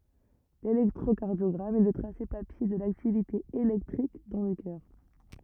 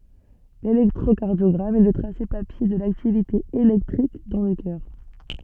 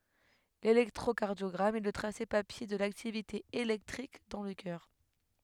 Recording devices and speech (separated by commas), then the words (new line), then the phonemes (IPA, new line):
rigid in-ear microphone, soft in-ear microphone, headset microphone, read sentence
L'électrocardiogramme est le tracé papier de l'activité électrique dans le cœur.
lelɛktʁokaʁdjɔɡʁam ɛ lə tʁase papje də laktivite elɛktʁik dɑ̃ lə kœʁ